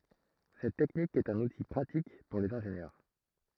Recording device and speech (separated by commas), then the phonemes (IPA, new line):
throat microphone, read sentence
sɛt tɛknik ɛt œ̃n uti pʁatik puʁ lez ɛ̃ʒenjœʁ